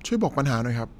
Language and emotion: Thai, neutral